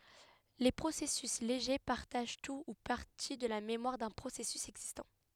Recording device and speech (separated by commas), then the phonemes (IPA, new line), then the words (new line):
headset microphone, read sentence
le pʁosɛsys leʒe paʁtaʒ tu u paʁti də la memwaʁ dœ̃ pʁosɛsys ɛɡzistɑ̃
Les processus légers partagent tout ou partie de la mémoire d’un processus existant.